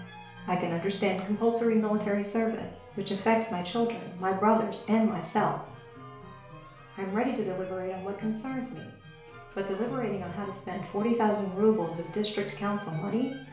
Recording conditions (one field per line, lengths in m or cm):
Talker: one person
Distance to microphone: 1.0 m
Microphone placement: close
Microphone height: 1.1 m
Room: small (3.7 m by 2.7 m)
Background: music